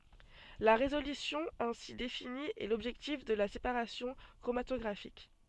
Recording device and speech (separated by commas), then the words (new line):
soft in-ear microphone, read sentence
La résolution ainsi définie est l'objectif de la séparation chromatographique.